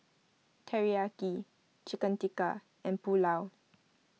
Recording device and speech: mobile phone (iPhone 6), read sentence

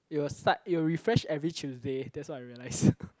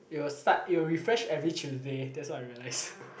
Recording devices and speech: close-talking microphone, boundary microphone, conversation in the same room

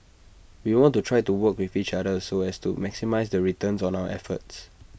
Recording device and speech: boundary microphone (BM630), read sentence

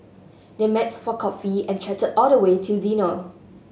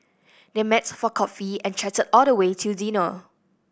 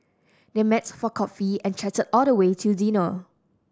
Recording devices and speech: mobile phone (Samsung S8), boundary microphone (BM630), standing microphone (AKG C214), read sentence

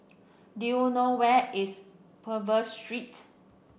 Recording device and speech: boundary microphone (BM630), read sentence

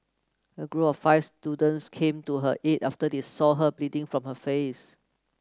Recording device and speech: close-talking microphone (WH30), read sentence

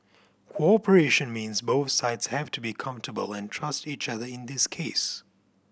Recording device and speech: boundary microphone (BM630), read sentence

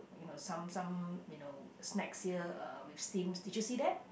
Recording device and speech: boundary microphone, conversation in the same room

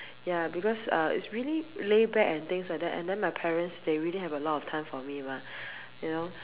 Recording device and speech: telephone, conversation in separate rooms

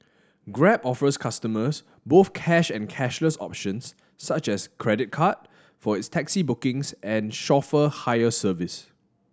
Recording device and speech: standing microphone (AKG C214), read sentence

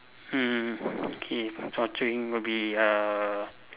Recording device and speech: telephone, conversation in separate rooms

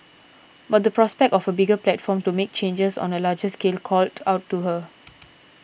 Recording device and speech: boundary microphone (BM630), read sentence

